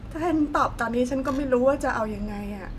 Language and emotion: Thai, sad